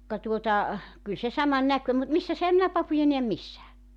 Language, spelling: Finnish, ka tuota kyllä se saman - mutta missäs enhän minä papuja näe missään
- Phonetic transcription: ka tuota , 'kyl se "saman "näkö- mut 'missäs 'ehäm minä 'papuja neäm "missää .

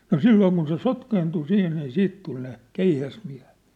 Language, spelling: Finnish, no silloin kun se sotkeentui siihen niin sitten tuli ne keihäsmiehet
- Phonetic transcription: no "sillooŋ kun se "sotkeentu 'sih nii 'siit tul ne , 'keihäsmiä̭hᴇ(t) .

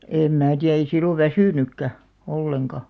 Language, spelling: Finnish, en minä tiedä ei silloin väsynytkään ollenkaan
- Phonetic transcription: 'èm mää 'tiä ei 'sillov̆ "väsỳnykkä , 'olleŋka .

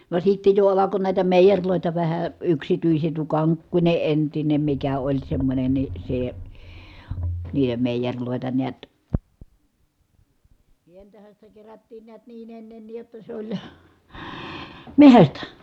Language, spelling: Finnish, vaan sitten jo alkoi näitä meijereitä vähän yksityiset tuo Kankkunen entinen mikä oli semmoinen niin se niiden meijereitä näet sientähän sitä kerättiin näet niin ennenkin jotta se oli metsästä
- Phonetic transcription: vàe sitte jo alako nä̀i̮tä mèijeŕlòita vähä , yksityiset tuo Kaŋkkuńe entinem mikä oĺ semmońen ni , se , niihe mèijeŕlòeta neät sientähän sitä kerättiin niät niin ennenniij jotta sᵉ ‿oĺ , mehästä .

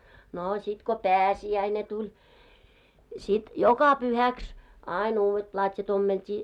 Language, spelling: Finnish, no sitten kun pääsiäinen tuli sitten joka pyhäksi aina uudet platjat ommeltiin
- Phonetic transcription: 'noo sit ko "pääsi₍äine tuĺ , 'sit , "joka 'pyhäks , 'áin ‿uuwet 'plat́ja't ‿ommelt́i .

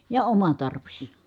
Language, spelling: Finnish, ja oma tarvis
- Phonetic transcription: ja oma tarvis .

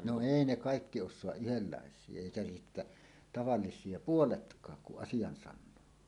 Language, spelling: Finnish, no ei ne kaikki osaa yhdenlaisia eikä sitten tavallisia puoletkaan kun asian sanoo
- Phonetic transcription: 'no "èi 'ne "kàikki 'ošsoaˀ 'ˀyhellàes̀ie èikä sittä , 'tavallis̀ie "puoletk̀aak kuˀ 'ˀasijan 'sannoo .

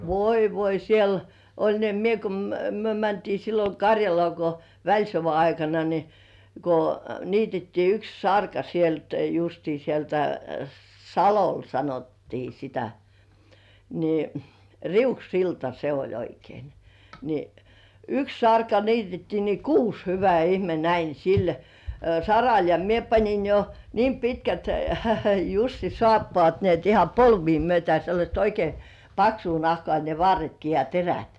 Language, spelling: Finnish, voi voi siellä oli niin että minä kun me mentiin silloin Karjalaan kun välisodan aikana niin kun niitettiin yksi sarka sieltä justiin sieltä Salolla sanottiin sitä niin Riuksilta se oli oikein niin yksi sarka niitettiin niin kuusi hyvä ihme näin sillä saralla ja minä panin jo niin pitkät Jussin saappaat niin että ihan polvia myöten sellaista oikein paksua nahkaa ne varretkin ja terät
- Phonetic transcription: voi "voi 'siel , oĺ ni ‿(et) "mie ko - - 'myö mäntii sillo "Karjalŏà ko , 'väĺsova aikana ni , ko , niitettii 'yks "sarka sielt justii sieltä "Salol sanot-tii sitä ni , "Riuksilta se oĺ 'oikein , ni , "yks "sarka 'niitettii ni "kuus 'hyvä "ihme näin̬ sil , "saral ja mie pańin jo , niim pitkät 'Jussi "sŏ§àppŏ§àt ni ‿et iham "polvii mʸötä sellaśt oikei , "paksuu 'nahkŏà ne 'varretki ja "terät .

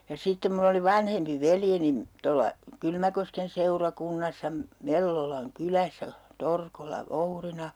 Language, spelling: Finnish, ja sitten minulla oli vanhempi veljeni tuolla Kylmäkosken seurakunnassa - Mellolan kylässä Torkolla voutina
- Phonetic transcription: ja 'sittem mull ‿oli 'vanhempi 'veljenin , 'tolla , 'Kylmäkosken seurakunnassa , Me- , 'Mellolaŋ kyläsä , 'Torkolla 'vourina .

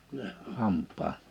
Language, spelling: Finnish, hampaan
- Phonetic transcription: 'hamp̆paa .

